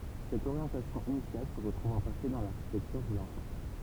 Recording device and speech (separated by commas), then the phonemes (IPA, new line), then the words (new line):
temple vibration pickup, read sentence
sɛt oʁjɑ̃tasjɔ̃ inisjal sə ʁətʁuv ɑ̃ paʁti dɑ̃ laʁʃitɛktyʁ dy lɑ̃sœʁ
Cette orientation initiale se retrouve en partie dans l'architecture du lanceur.